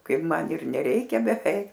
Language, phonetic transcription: Lithuanian, ˈkaip ˈman ir neˈreikia beˈveik

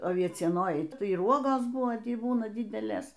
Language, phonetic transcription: Lithuanian, aviecieˈnojai ˈtai ir ˈuogos ˈbūna ˈtį ˈbūna ˈdidelės

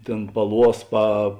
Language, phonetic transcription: Lithuanian, ˈtėn paˈluos pa

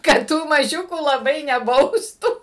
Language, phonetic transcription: Lithuanian, kad ˈtų maˈžiukų laˈbai neˈbaustų

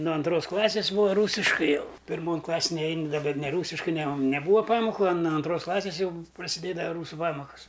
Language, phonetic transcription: Lithuanian, nu anˈtros ˈklasis ˈbūa ˈrūsiškai ˈjau pirˈmon ˈklasėn neˈein da bet neˈrūsiškai ne on neˈbūa ˈpamoku a nu anˈtros ˈklasis ˈjau prasiˈdėdava ˈrūsu ˈpamokas

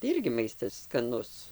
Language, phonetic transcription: Lithuanian, tai ˈirgi ˈmaistas skaˈnus

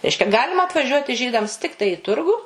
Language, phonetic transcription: Lithuanian, ˈreiškia ˈgalima atvaˈžiuoti ˈžydams ˈtiktai i ˈturgu

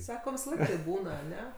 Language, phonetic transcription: Lithuanian, ˈsako visaˈlaik taip ˈbūna aˈne

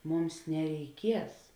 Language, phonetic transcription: Lithuanian, ˈmums nereiˈkies

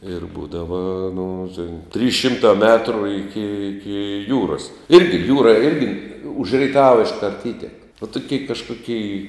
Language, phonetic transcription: Lithuanian, ir ˈbūdava nu tėn trys ˈšimtā ˈmetru ˈiki ˈiki ˈjūras ˈirgi ˈjūra ˈirgi už reiˈtava išˈkart ˈįtek vo toˈkėi kažkuˈkėi

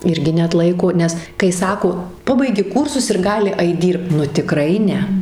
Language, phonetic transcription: Lithuanian, ˈirgi neatˈlaiko ˈnes kai ˈsako ˈpabaigi ˈkūrsus ir ˈgali ˈait ˈdyrbt nu tiˈkrai ˈne

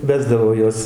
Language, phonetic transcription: Lithuanian, ˈvesdavo ˈjuos

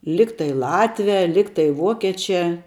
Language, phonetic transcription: Lithuanian, ˈligtai ˈlatvia ˈligtai ˈvuokėčia

